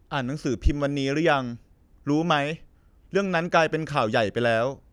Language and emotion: Thai, neutral